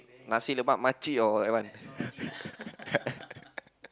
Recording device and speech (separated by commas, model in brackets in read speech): close-talking microphone, conversation in the same room